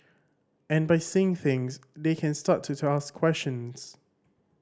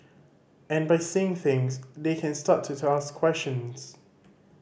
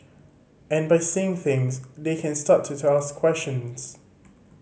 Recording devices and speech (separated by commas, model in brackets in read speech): standing microphone (AKG C214), boundary microphone (BM630), mobile phone (Samsung C5010), read sentence